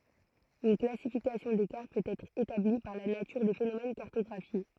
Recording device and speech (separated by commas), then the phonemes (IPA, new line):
throat microphone, read sentence
yn klasifikasjɔ̃ de kaʁt pøt ɛtʁ etabli paʁ la natyʁ de fenomɛn kaʁtɔɡʁafje